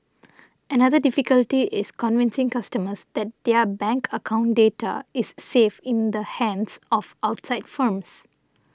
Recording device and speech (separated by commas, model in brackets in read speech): standing microphone (AKG C214), read sentence